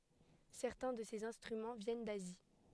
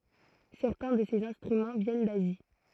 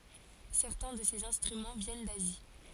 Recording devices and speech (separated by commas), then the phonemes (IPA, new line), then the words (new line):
headset microphone, throat microphone, forehead accelerometer, read sentence
sɛʁtɛ̃ də sez ɛ̃stʁymɑ̃ vjɛn dazi
Certains de ces instruments viennent d'Asie.